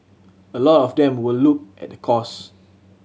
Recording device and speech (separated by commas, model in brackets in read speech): mobile phone (Samsung C7100), read sentence